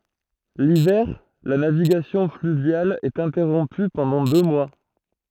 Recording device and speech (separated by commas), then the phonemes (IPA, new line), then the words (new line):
throat microphone, read sentence
livɛʁ la naviɡasjɔ̃ flyvjal ɛt ɛ̃tɛʁɔ̃py pɑ̃dɑ̃ dø mwa
L'hiver, la navigation fluviale est interrompue pendant deux mois.